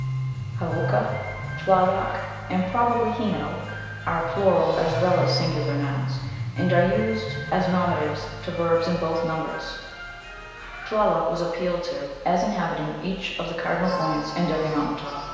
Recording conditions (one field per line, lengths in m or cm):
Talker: one person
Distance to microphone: 1.7 m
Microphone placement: close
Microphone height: 1.0 m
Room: very reverberant, large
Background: music